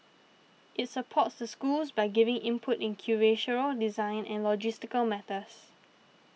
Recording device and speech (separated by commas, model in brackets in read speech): mobile phone (iPhone 6), read sentence